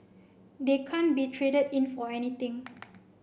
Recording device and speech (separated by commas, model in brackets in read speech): boundary microphone (BM630), read sentence